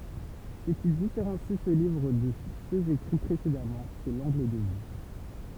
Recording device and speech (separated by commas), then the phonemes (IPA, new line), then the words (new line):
temple vibration pickup, read sentence
sə ki difeʁɑ̃si sə livʁ də søz ekʁi pʁesedamɑ̃ sɛ lɑ̃ɡl də vy
Ce qui différencie ce livre de ceux écrits précédemment, c'est l'angle de vue.